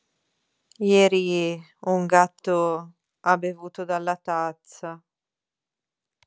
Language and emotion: Italian, sad